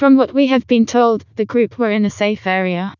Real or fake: fake